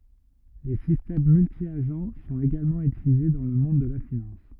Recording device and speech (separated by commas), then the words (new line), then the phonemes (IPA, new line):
rigid in-ear microphone, read sentence
Les systèmes multi-agents sont également utilisés dans le monde de la finance.
le sistɛm myltjaʒ sɔ̃t eɡalmɑ̃ ytilize dɑ̃ lə mɔ̃d də la finɑ̃s